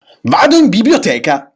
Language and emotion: Italian, angry